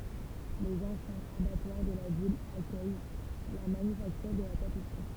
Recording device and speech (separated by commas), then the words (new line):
temple vibration pickup, read sentence
Les anciens abattoirs de la ville accueillent la manufacture de la tapisserie.